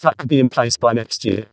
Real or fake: fake